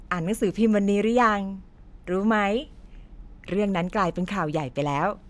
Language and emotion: Thai, happy